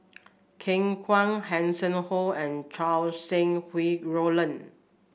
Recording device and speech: boundary microphone (BM630), read sentence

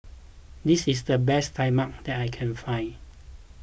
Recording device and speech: boundary microphone (BM630), read sentence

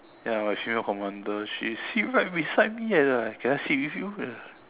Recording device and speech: telephone, conversation in separate rooms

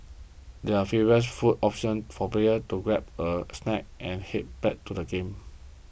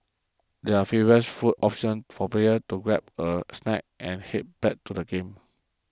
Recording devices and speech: boundary microphone (BM630), close-talking microphone (WH20), read sentence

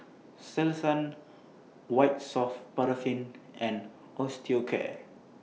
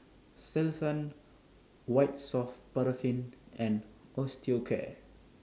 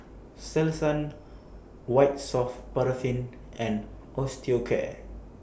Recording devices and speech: mobile phone (iPhone 6), standing microphone (AKG C214), boundary microphone (BM630), read sentence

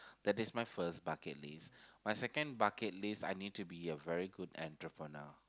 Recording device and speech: close-talking microphone, conversation in the same room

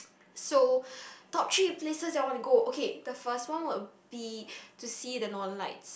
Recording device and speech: boundary microphone, conversation in the same room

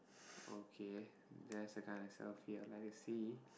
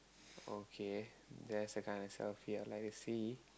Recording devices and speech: boundary microphone, close-talking microphone, conversation in the same room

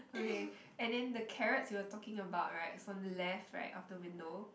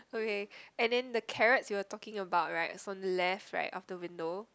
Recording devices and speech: boundary microphone, close-talking microphone, conversation in the same room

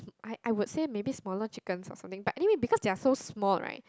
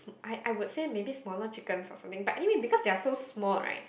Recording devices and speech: close-talking microphone, boundary microphone, conversation in the same room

